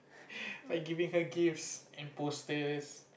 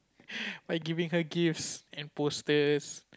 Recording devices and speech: boundary microphone, close-talking microphone, conversation in the same room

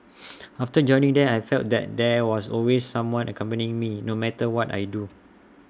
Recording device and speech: standing microphone (AKG C214), read sentence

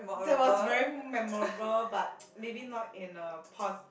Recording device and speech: boundary microphone, conversation in the same room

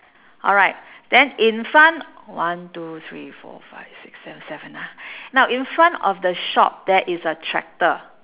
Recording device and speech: telephone, conversation in separate rooms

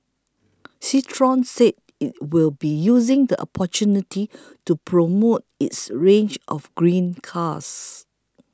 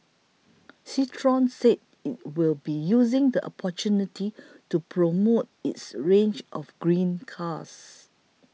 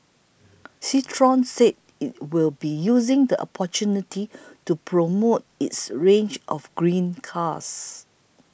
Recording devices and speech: close-talking microphone (WH20), mobile phone (iPhone 6), boundary microphone (BM630), read sentence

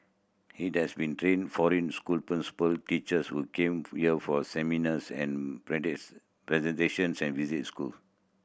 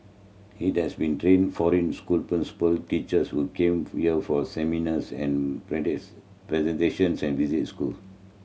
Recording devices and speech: boundary microphone (BM630), mobile phone (Samsung C7100), read sentence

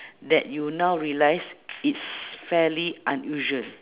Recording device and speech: telephone, conversation in separate rooms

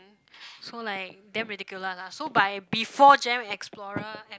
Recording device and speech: close-talking microphone, conversation in the same room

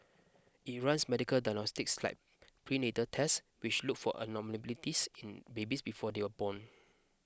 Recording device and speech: close-talking microphone (WH20), read sentence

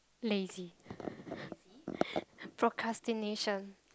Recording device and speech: close-talking microphone, conversation in the same room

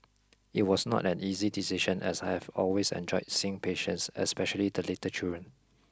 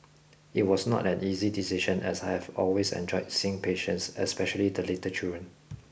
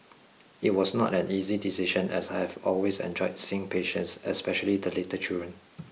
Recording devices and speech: close-talking microphone (WH20), boundary microphone (BM630), mobile phone (iPhone 6), read sentence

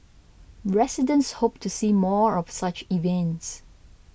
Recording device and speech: boundary microphone (BM630), read sentence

